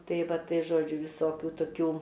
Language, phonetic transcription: Lithuanian, tai ˈva ˈtai ˈžodžiu viˈsokiu toˈkių

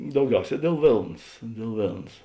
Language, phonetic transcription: Lithuanian, dauˈgiauˌsē dėl ˈvėlns dėl ˈvėlns

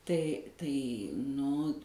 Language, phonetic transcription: Lithuanian, ˈtai tai nu

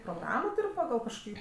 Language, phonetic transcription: Lithuanian, proˈgramo ˈtur' paˈgal kažkoˈkį

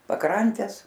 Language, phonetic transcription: Lithuanian, paˈkrantes

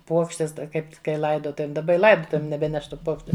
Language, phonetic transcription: Lithuanian, ˈpuokštes ˈta ˈkaip kai ˈlaidotuvėm daˈba i ˈlaidotuvėm neˈbeneš ˈtų ˈpokščiu

